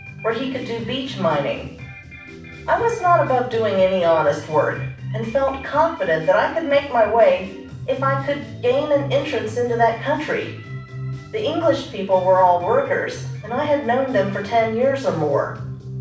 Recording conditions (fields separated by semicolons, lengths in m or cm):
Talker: one person; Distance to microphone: 5.8 m; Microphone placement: far; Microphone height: 1.8 m; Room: medium-sized (5.7 m by 4.0 m); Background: music